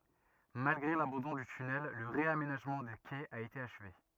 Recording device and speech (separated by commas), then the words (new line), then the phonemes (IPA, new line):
rigid in-ear microphone, read sentence
Malgré l'abandon du tunnel, le réaménagement des quais a été achevé.
malɡʁe labɑ̃dɔ̃ dy tynɛl lə ʁeamenaʒmɑ̃ de kɛz a ete aʃve